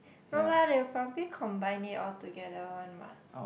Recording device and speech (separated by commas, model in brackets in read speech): boundary microphone, conversation in the same room